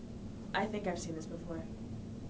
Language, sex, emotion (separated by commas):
English, female, neutral